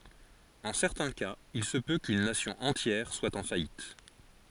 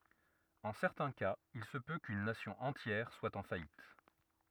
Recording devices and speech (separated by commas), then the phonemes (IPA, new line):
forehead accelerometer, rigid in-ear microphone, read sentence
ɑ̃ sɛʁtɛ̃ kaz il sə pø kyn nasjɔ̃ ɑ̃tjɛʁ swa ɑ̃ fajit